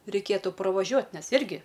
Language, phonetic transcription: Lithuanian, reiˈkėtu praˈvažiuot' ˈnes ˈirgi

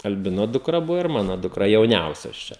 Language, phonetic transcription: Lithuanian, alˈbino dukˈra ˈbuvo ir ˈmano dukˈra jauˈniausios ˈčia

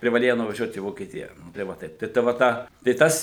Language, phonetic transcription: Lithuanian, privaˈlėja nuvaˈžiuot į vokieˈtija nu tai ˈva taip ˈtai ˈta va ˈtą tai ˈtas

